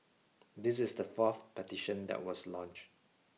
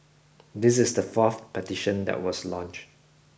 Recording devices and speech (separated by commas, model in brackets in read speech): mobile phone (iPhone 6), boundary microphone (BM630), read sentence